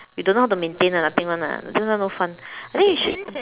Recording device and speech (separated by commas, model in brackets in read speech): telephone, conversation in separate rooms